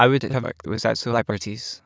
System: TTS, waveform concatenation